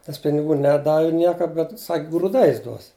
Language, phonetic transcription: Lithuanian, nes piniˈgų ˈneˈdavi ˈnieka bet sak' grūˈdais ˈduos

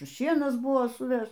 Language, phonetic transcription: Lithuanian, ˈšienas ˈbuvo suˈveš

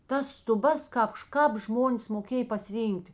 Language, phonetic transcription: Lithuanian, tas stuˈbas ˈkāp š kāp ˈžmonės moˈkėj pasiˈryn'kt'

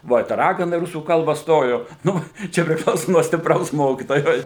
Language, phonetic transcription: Lithuanian, ˈva i ta ˈragana i ˈrusų ˈkalba ˈstojo ˈnū ˈčia priˈklauso nuo stipˈraus ˈmokitojo ˈjo

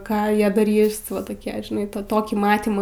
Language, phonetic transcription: Lithuanian, ˈką ˈjie daˈrys ˈva toˈkie žiˈnai ˈtą ˈtokį ˈmatymą

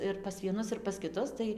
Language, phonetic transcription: Lithuanian, ir pas vieˈnus ir pas kiˈtus ˈtai

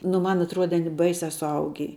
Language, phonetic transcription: Lithuanian, nu ˈman atˈruode aˈni ˈbaisia suˈaugį

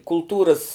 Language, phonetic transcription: Lithuanian, kulˈtūras

